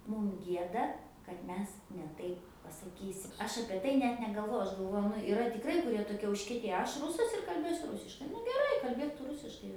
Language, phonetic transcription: Lithuanian, ˈmum ˈgieda kad ˈmes ne ˈtaip pasaˈkysim ˈaš ˈapie tai ˈnet negalˈvoju ˈaš galˈvoju ˈnu iˈra tikˈrai kuˈrie toˈkie užkieˈtėje ˈaš ˈrusas ir kalˈbėsiu ˈrusiškai nu geˈrai kalˈbėk ˈtu ˈrusiškai

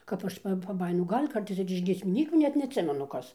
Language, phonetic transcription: Lithuanian, kap ˈaš pa paˈbajinu ˈgal' ˈkartais ir iš giesmiˈnykių ˈnet neatˈsimenu ˈkas

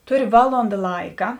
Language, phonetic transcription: Lithuanian, ˈtuˌri ˈvalonda ˈlaika

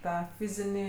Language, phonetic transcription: Lithuanian, ˈtą ˈfizinį

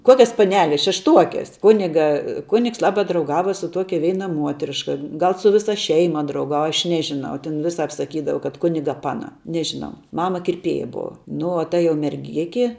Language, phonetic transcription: Lithuanian, ˈkuokias paˈneles šešˈtuokes ˈkuniga ˈkunigs lˈaba drauˈgava su ˈtuokia ˈveina ˈmuotriška ˈgal su ˈvisa ˈšeima drauˈgava aš ˈnežiˌnau ten ˈviˌsap saˈkydava kad ˈkuniga ˈpana ˈnežiˌnau ˈmama kirˈpėja ˈbuva ˈnu o ta jau merˈgiki

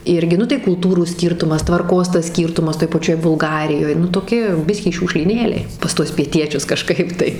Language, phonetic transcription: Lithuanian, ˈirgi ˈnu tai kulˈtūrų ˈskyrtumas tvarˈkos tas ˈskyrtumas toj paˈčioj bulˈgarijoj nu toˈki ˈbiskį šiūkšlyˈnėliai pas ˈtuos pieˈtiečius kaˈžkaip tai

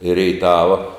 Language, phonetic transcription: Lithuanian, i reiˈtava

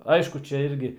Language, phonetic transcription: Lithuanian, ˈaišku ˈčia ˈirgi

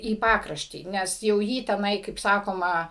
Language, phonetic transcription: Lithuanian, į ˈpakraštį ˈnes jau ˈjį teˈnai kaip ˈsakoma

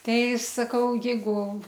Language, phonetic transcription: Lithuanian, ˈtai saˈkau ˈjeigu

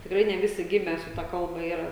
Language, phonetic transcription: Lithuanian, tikˈrai ne ˈvisi ˈgime su ˈta ˈkalba ˈyra

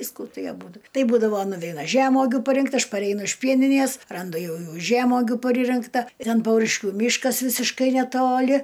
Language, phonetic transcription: Lithuanian, ˈvysku ˈtai aˈbūdu ˈtai ˈbūdavo nuˈveina ˈžemogiu paˈrinkt ˈaš paˈreinu iš ˈpieninies ˈrandu ˈjau ˈjų ˈžemogiu paˈririnkta ˈten ˈpauriškiu ˈmyškas ˈvisiškai neˈtoli

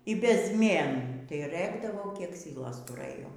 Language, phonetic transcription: Lithuanian, y bezˈmėnų tai ˈrɘkdavo kiek ˈsylos tuˈrɘjo

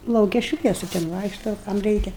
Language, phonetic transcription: Lithuanian, lauˈke ˈšviesu ten ˈvaikšto kam ˈreikia

